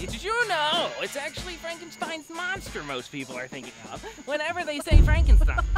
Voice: nasally